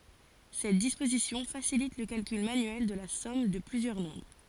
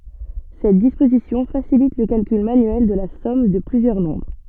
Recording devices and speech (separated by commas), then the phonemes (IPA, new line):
forehead accelerometer, soft in-ear microphone, read sentence
sɛt dispozisjɔ̃ fasilit lə kalkyl manyɛl də la sɔm də plyzjœʁ nɔ̃bʁ